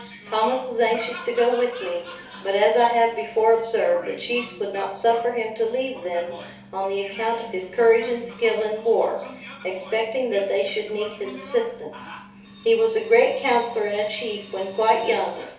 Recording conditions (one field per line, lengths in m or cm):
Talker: one person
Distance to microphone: 3.0 m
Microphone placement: far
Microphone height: 1.8 m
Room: small (3.7 m by 2.7 m)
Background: television